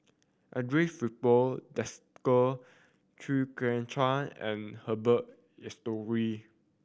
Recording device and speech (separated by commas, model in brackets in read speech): boundary microphone (BM630), read sentence